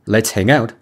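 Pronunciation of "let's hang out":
In 'let's hang out', 'hang out' is not split apart: the last sound of 'hang' links to 'out', so 'hang out' sounds like one word.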